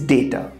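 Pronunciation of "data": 'Data' is pronounced correctly here.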